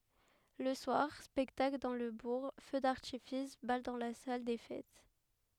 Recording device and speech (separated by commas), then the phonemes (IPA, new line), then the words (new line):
headset microphone, read sentence
lə swaʁ spɛktakl dɑ̃ lə buʁ fø daʁtifis bal dɑ̃ la sal de fɛt
Le soir, spectacle dans le bourg, feu d'artifice, bal dans la salle des fêtes.